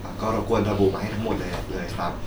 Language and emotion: Thai, neutral